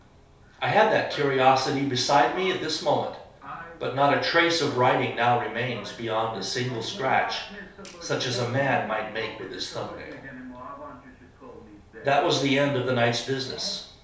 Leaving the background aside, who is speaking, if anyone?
One person.